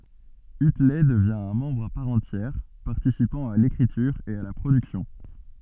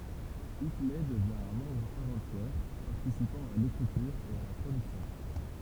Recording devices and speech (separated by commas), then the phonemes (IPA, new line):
soft in-ear microphone, temple vibration pickup, read sentence
ytlɛ dəvjɛ̃ œ̃ mɑ̃bʁ a paʁ ɑ̃tjɛʁ paʁtisipɑ̃ a lekʁityʁ e a la pʁodyksjɔ̃